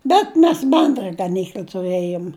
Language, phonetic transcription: Lithuanian, ˈbet mes ˈbendra gaˈnykl'a tuˈrɘjom

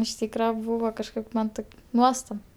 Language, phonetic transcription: Lithuanian, iš ˈtykra ˈbūva kažˈkaip ˈman taip ˈnuostab

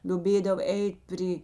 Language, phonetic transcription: Lithuanian, lioˈbėdav ˈeit' ˈpry

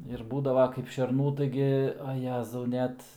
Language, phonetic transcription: Lithuanian, ir ˈbūdava kaip šerˈnų ˈtaigi a ˈjezau ˈnet

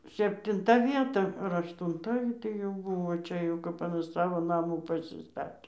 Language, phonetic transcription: Lithuanian, septinˈta ˈvieta ar aštunˈta gi tai jau ˈbuvo ˈčia jau ˈkap saˈvo naˈmų pasiˈstatė

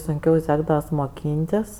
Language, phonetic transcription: Lithuanian, sunˈkiau ˈsekdavas moˈkyntis

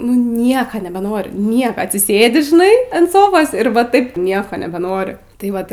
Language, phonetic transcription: Lithuanian, nu ˈnieka nebeˈnori ˈnieka atsiˈsėdi žiˈnai ant ˈsofos ir ˈva ˈtaip ˈnieko nebeˈnori tai ˈvat

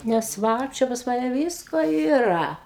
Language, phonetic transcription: Lithuanian, nes ˈva čia pas ˈmane ˈvisko yˈra

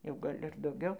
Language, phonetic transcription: Lithuanian, jau ˈgal' ir dauˈgiau

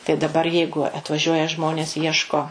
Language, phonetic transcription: Lithuanian, tai daˈbar ˈjeigu atvaˈžiuoja ˈžmonės ˈieško

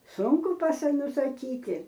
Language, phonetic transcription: Lithuanian, ˈsunku pasa nusaˈkyti

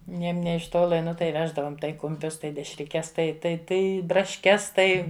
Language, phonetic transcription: Lithuanian, ˈneim ˈnė iš ˈtola ˈnu tai ˈveždavom tai kumˈpius tai dešriˈkes tai tai ˈtai brašˈkes ˈtai

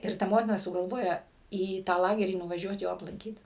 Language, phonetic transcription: Lithuanian, ir ˈta ˈmotina sugalˈvoja į ˈtą ˈlagerį nuvaˈžiuot ˈjo aplanˈkyt

